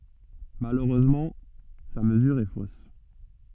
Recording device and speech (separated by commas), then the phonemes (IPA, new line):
soft in-ear microphone, read sentence
maløʁøzmɑ̃ sa məzyʁ ɛ fos